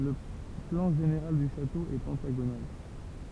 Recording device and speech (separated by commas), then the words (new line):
temple vibration pickup, read sentence
Le plan général du château est pentagonal.